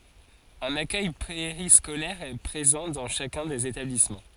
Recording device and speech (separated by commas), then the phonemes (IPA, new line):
forehead accelerometer, read sentence
œ̃n akœj peʁiskolɛʁ ɛ pʁezɑ̃ dɑ̃ ʃakœ̃ dez etablismɑ̃